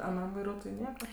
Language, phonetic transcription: Lithuanian, aˈnam vaiˈruotojui ˈnieka

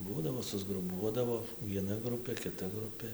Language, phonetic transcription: Lithuanian, ˈbūdavo susgruˈbuodavo vieˈna ˈgrupė kiˈta ˈgrupė

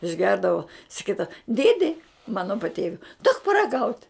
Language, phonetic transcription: Lithuanian, išˈgerdavo saˈkydava ˈdėdi ˈmano paˈtėviui duok paraˈgaut'

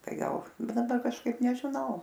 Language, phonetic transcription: Lithuanian, ˈtai ˈgal ˈbūna ˈda kažˈkaip nežiˈnau

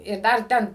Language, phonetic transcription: Lithuanian, ir ˈdar ˈten

